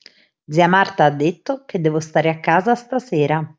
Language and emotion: Italian, neutral